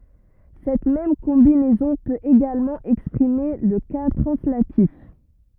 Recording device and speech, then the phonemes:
rigid in-ear microphone, read sentence
sɛt mɛm kɔ̃binɛzɔ̃ pøt eɡalmɑ̃ ɛkspʁime lə ka tʁɑ̃slatif

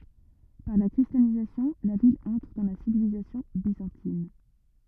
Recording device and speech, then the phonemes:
rigid in-ear microphone, read sentence
paʁ la kʁistjanizasjɔ̃ la vil ɑ̃tʁ dɑ̃ la sivilizasjɔ̃ bizɑ̃tin

